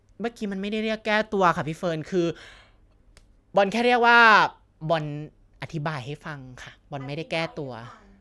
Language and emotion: Thai, frustrated